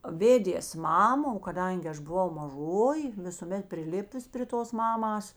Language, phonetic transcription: Lithuanian, ˈvėdės ˈmama o kaˈdangi ˈaš buˈvau maˈžoji visuˈmet priˈlipus pri ˈtos ˈmamas

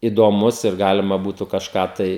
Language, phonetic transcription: Lithuanian, idoˈmus ir ˈgalima ˈbūtu kažˈką tai

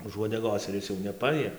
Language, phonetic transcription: Lithuanian, už uodeˈgos ir ˈis jau neˈpajie

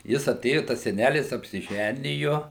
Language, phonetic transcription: Lithuanian, ˈjis aˈtėju ˈtas seˈnælis apsiˈžæniju

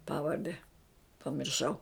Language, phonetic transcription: Lithuanian, ˈpavarde pamirˈšau

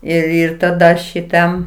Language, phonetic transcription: Lithuanian, ir ˈir taˈda šiˈtam

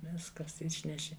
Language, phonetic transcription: Lithuanian, ˈviskas ˈišneši

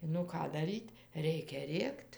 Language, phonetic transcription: Lithuanian, nu ˈką daˈryt' ˈreikia ˈrėkt

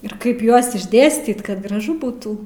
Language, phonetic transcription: Lithuanian, ir ˈkaip ˈjuos išˈdėstyt kad graˈžu ˈbūtų

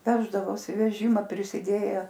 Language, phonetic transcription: Lithuanian, ˈveždavosi veˈžima prisiˈdėje

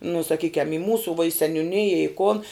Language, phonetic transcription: Lithuanian, nu saˈkykiam i ˈmūsų vuo i seniuˈnija i kon

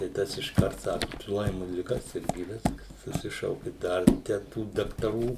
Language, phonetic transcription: Lithuanian, tai ˈtas išˈkart ˈsaku tu ˈlaimu liˈga serˈgi ˈviskas suˈsišauki ˈdar ten ˈtų daktaˈrų

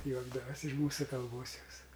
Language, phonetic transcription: Lithuanian, ˈjuokdavas' iš ˈmūsu kalˈbos jos

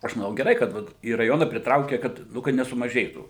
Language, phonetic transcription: Lithuanian, ˈaš maˈnau geˈrai kad ˈvat į raˈjona priˈtraukė kad ˈnu kad nesumaˈžėtų

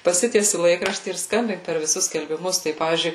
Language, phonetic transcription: Lithuanian, paˈsitiesi ˈlaikraštį ir ˈskambink per viˈsus skelbiˈmus ˈtai ˈpavyzdžiui

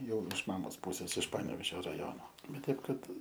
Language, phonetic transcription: Lithuanian, ˈjau iš ˈmamos ˈpūses iš ˈpanevežio raˈjono ˈbet ˈteip ˈkad

